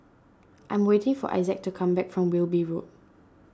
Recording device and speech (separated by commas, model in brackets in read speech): standing microphone (AKG C214), read sentence